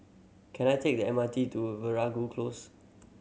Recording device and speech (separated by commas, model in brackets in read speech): mobile phone (Samsung C7100), read sentence